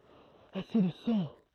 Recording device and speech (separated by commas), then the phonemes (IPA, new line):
throat microphone, read sentence
ase də sɑ̃